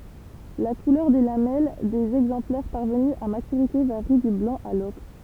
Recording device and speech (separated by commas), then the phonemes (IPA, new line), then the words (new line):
temple vibration pickup, read sentence
la kulœʁ de lamɛl dez ɛɡzɑ̃plɛʁ paʁvəny a matyʁite vaʁi dy blɑ̃ a lɔkʁ
La couleur des lamelles des exemplaires parvenus à maturité varie du blanc à l'ocre.